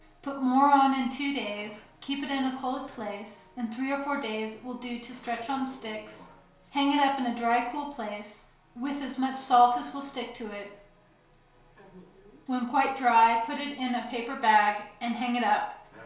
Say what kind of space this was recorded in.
A small room (about 3.7 m by 2.7 m).